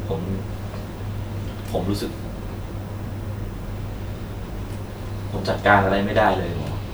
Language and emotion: Thai, sad